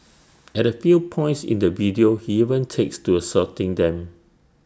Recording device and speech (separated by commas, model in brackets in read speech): standing microphone (AKG C214), read sentence